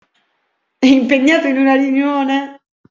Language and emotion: Italian, happy